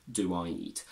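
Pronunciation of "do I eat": In 'do I eat', 'do' is said with a short o, and an intrusive w sound comes between 'do' and 'I'.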